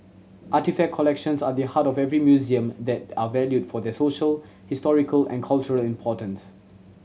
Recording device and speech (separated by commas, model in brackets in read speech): mobile phone (Samsung C7100), read sentence